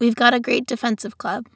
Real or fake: real